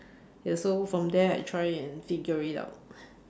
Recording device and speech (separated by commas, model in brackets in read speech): standing microphone, conversation in separate rooms